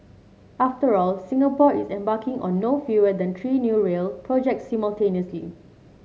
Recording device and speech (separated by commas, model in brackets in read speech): mobile phone (Samsung C7), read sentence